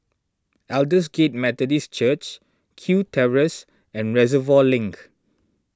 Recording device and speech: standing microphone (AKG C214), read sentence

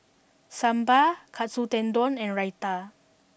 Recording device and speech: boundary microphone (BM630), read sentence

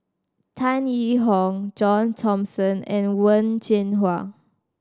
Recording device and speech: standing microphone (AKG C214), read sentence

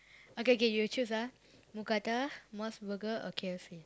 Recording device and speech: close-talking microphone, conversation in the same room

